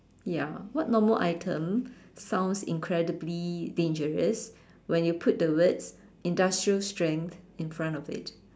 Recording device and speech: standing microphone, conversation in separate rooms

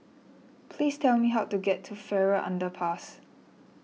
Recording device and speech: mobile phone (iPhone 6), read sentence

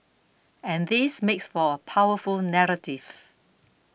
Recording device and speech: boundary microphone (BM630), read sentence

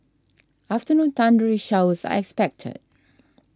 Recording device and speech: standing microphone (AKG C214), read sentence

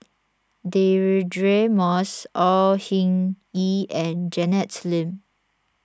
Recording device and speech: standing microphone (AKG C214), read sentence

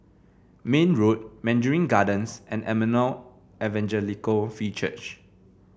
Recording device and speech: boundary microphone (BM630), read sentence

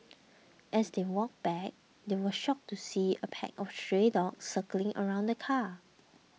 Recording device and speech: mobile phone (iPhone 6), read sentence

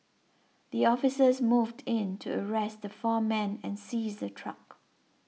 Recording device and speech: mobile phone (iPhone 6), read sentence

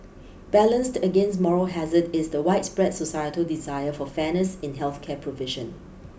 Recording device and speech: boundary microphone (BM630), read sentence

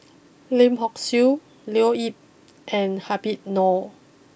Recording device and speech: boundary microphone (BM630), read sentence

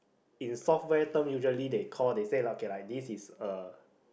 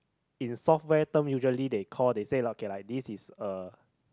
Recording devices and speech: boundary microphone, close-talking microphone, conversation in the same room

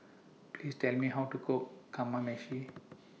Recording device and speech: mobile phone (iPhone 6), read sentence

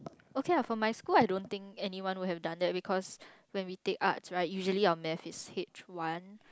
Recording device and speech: close-talking microphone, conversation in the same room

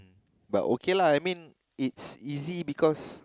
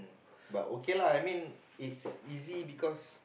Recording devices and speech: close-talking microphone, boundary microphone, conversation in the same room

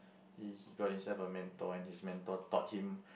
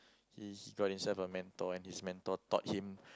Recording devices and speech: boundary microphone, close-talking microphone, conversation in the same room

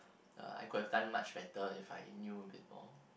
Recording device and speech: boundary microphone, conversation in the same room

